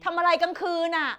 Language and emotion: Thai, frustrated